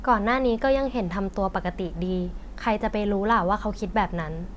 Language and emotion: Thai, neutral